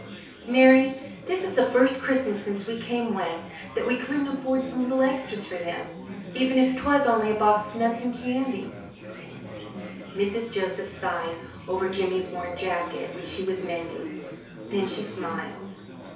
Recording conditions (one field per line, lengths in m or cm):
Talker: one person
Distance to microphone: 3.0 m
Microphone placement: far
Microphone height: 1.8 m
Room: small (3.7 m by 2.7 m)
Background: babble